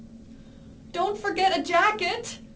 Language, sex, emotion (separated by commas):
English, female, fearful